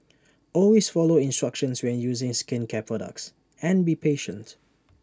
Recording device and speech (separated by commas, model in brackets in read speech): standing microphone (AKG C214), read sentence